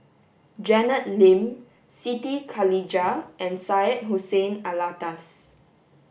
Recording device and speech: boundary microphone (BM630), read sentence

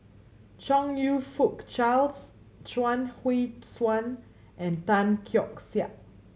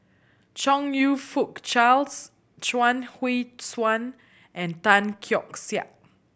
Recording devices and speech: mobile phone (Samsung C7100), boundary microphone (BM630), read sentence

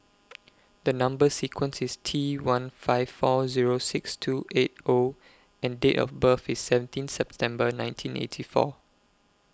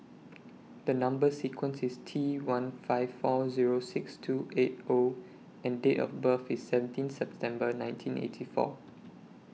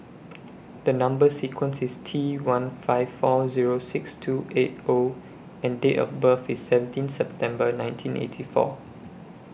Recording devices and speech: close-talking microphone (WH20), mobile phone (iPhone 6), boundary microphone (BM630), read sentence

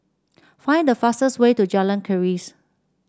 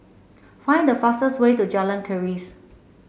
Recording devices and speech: standing microphone (AKG C214), mobile phone (Samsung C7), read sentence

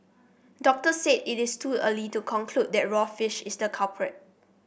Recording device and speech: boundary microphone (BM630), read sentence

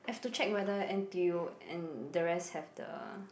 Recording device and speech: boundary microphone, conversation in the same room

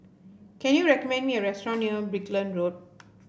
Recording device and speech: boundary microphone (BM630), read sentence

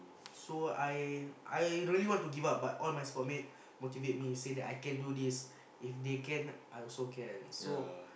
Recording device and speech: boundary microphone, conversation in the same room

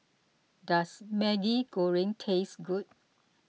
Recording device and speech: mobile phone (iPhone 6), read sentence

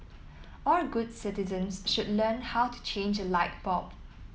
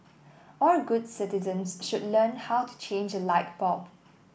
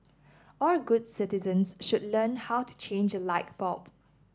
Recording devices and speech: mobile phone (iPhone 7), boundary microphone (BM630), standing microphone (AKG C214), read sentence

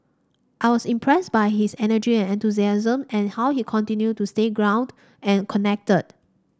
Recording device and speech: standing microphone (AKG C214), read sentence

